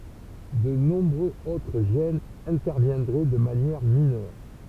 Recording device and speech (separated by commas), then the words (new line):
temple vibration pickup, read sentence
De nombreux autres gènes interviendraient de manière mineure.